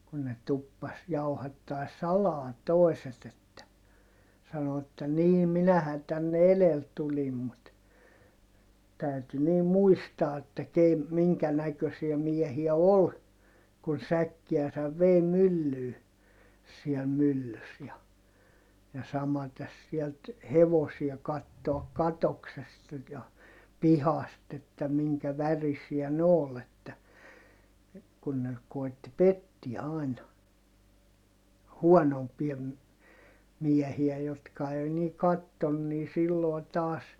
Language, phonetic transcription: Finnish, kun ne tuppas jauhattai̮s salaa toeset ‿että , sano että » nii minähän tänne elel tulim mut » , täyty niim muistaa että ke- , miŋkä näkösiä miehiä ol , kun säkkiäsäv vèi myllyy , siɛl myllys ja , ja samates sielt , hevosia kattoak katoksesta ja , pihast ‿että miŋkä värisiä nᵉ ‿ool ‿että , kun ne , kòi̮tti pettiä ài̮na , huɔnompia ‿m- , miɛhiä jotka ei nii katton - nii silloi̮ taas , .
- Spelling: kun ne tuppasi jauhattamaan salaa toiset että sanoi että niin minähän tänne edellä tulin mutta täytyi niin muistaa että - minkä näköisiä miehiä oli kun säkkiänsä vei myllyyn siellä myllyssä ja ja samaten sieltä hevosia katsoa katoksesta ja pihasta että minkä värisiä ne oli että kun ne koetti pettää aina huonompia - miehiä jotka ei niin katsonut niin silloin taas

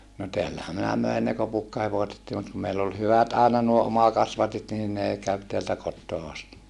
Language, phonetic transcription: Finnish, no teällähä minä möin ne kopukkahevosettii mut kum meill ‿ol hyvät àena nuo omakasvatit niin nè käv teältä kottoo asti .
- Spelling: no täällähän minä möin ne kopukkahevosetkin mutta kun meillä oli hyvät aina nuo omakasvatit niin ne kävi täältä kotoa asti

